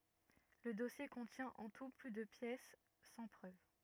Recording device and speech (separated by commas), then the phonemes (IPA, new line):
rigid in-ear microphone, read sentence
lə dɔsje kɔ̃tjɛ̃ ɑ̃ tu ply də pjɛs sɑ̃ pʁøv